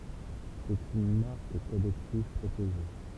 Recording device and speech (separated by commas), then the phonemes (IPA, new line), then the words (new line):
temple vibration pickup, read sentence
sɛt yn maʁk kɔlɛktiv pʁoteʒe
C'est une marque collective, protégée.